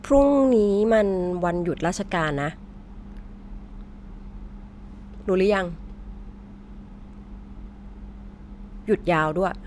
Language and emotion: Thai, neutral